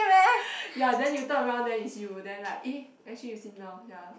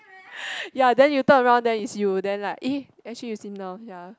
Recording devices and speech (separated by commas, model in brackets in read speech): boundary microphone, close-talking microphone, conversation in the same room